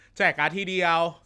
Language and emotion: Thai, frustrated